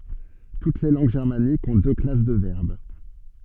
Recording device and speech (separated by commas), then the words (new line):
soft in-ear microphone, read sentence
Toutes les langues germaniques ont deux classes de verbes.